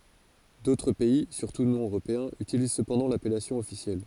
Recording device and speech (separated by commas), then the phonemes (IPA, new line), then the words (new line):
forehead accelerometer, read sentence
dotʁ pɛi syʁtu nɔ̃ øʁopeɛ̃z ytiliz səpɑ̃dɑ̃ lapɛlasjɔ̃ ɔfisjɛl
D'autres pays, surtout non européens, utilisent cependant l'appellation officielle.